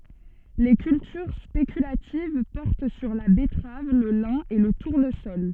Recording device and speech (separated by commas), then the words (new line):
soft in-ear microphone, read sentence
Les cultures spéculatives portent sur la betterave, le lin et le tournesol.